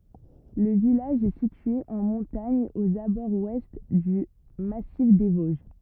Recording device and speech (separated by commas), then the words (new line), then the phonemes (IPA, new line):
rigid in-ear microphone, read sentence
Le village est situé en montagne aux abords ouest du Massif des Vosges.
lə vilaʒ ɛ sitye ɑ̃ mɔ̃taɲ oz abɔʁz wɛst dy masif de voʒ